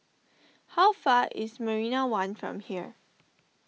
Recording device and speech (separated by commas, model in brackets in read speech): mobile phone (iPhone 6), read sentence